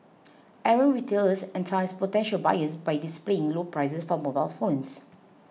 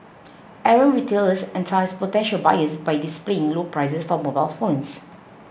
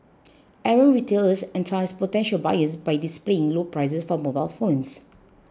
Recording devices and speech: mobile phone (iPhone 6), boundary microphone (BM630), close-talking microphone (WH20), read sentence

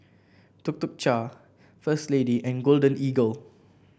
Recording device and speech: boundary microphone (BM630), read sentence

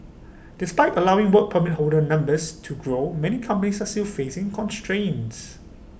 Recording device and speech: boundary microphone (BM630), read sentence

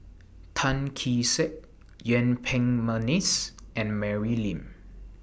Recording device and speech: boundary microphone (BM630), read sentence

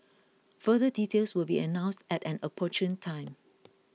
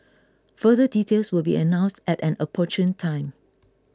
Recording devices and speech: mobile phone (iPhone 6), close-talking microphone (WH20), read sentence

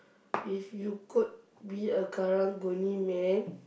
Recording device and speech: boundary microphone, conversation in the same room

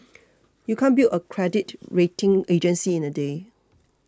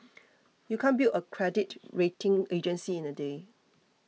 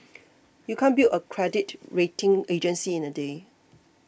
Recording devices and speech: close-talking microphone (WH20), mobile phone (iPhone 6), boundary microphone (BM630), read sentence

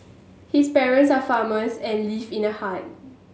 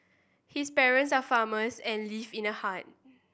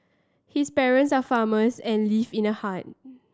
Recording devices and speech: mobile phone (Samsung S8), boundary microphone (BM630), standing microphone (AKG C214), read sentence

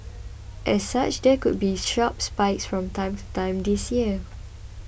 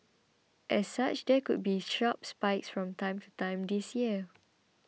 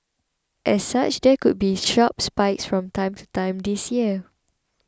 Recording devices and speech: boundary microphone (BM630), mobile phone (iPhone 6), close-talking microphone (WH20), read sentence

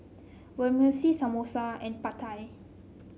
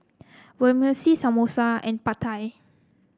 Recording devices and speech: mobile phone (Samsung C7), close-talking microphone (WH30), read sentence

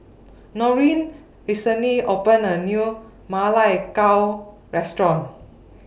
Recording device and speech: boundary microphone (BM630), read sentence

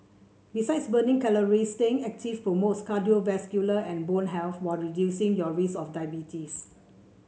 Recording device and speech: mobile phone (Samsung C7), read sentence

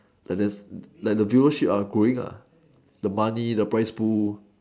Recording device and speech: standing microphone, conversation in separate rooms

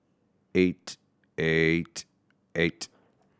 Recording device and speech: standing microphone (AKG C214), read sentence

